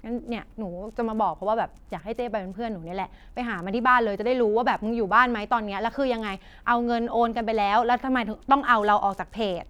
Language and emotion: Thai, frustrated